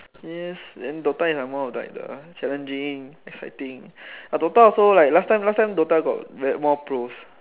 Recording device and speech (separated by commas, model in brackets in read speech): telephone, conversation in separate rooms